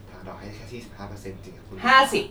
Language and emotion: Thai, neutral